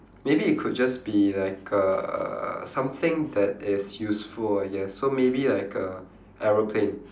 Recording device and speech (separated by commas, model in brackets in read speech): standing microphone, conversation in separate rooms